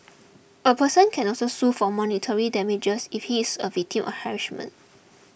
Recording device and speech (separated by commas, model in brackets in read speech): boundary microphone (BM630), read sentence